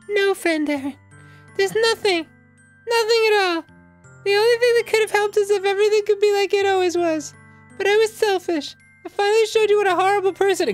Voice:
Falsetto